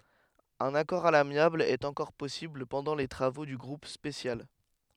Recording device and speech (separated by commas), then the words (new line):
headset microphone, read sentence
Un accord à l'amiable est encore possible pendant les travaux du groupe spécial.